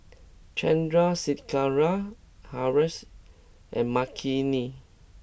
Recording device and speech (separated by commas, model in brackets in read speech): boundary microphone (BM630), read sentence